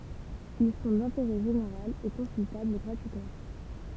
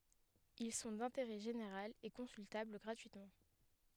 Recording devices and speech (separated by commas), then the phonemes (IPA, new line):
temple vibration pickup, headset microphone, read sentence
il sɔ̃ dɛ̃teʁɛ ʒeneʁal e kɔ̃syltabl ɡʁatyitmɑ̃